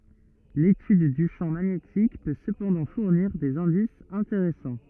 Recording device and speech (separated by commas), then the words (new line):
rigid in-ear microphone, read sentence
L'étude du champ magnétique peut cependant fournir des indices intéressants.